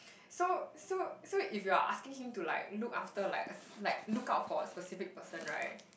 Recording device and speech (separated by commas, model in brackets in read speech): boundary microphone, conversation in the same room